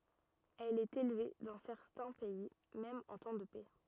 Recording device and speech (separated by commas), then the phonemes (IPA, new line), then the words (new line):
rigid in-ear microphone, read sentence
ɛl ɛt elve dɑ̃ sɛʁtɛ̃ pɛi mɛm ɑ̃ tɑ̃ də pɛ
Elle est élevée dans certains pays même en temps de paix.